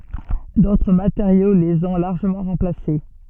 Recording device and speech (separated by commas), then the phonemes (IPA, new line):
soft in-ear microphone, read sentence
dotʁ mateʁjo lez ɔ̃ laʁʒəmɑ̃ ʁɑ̃plase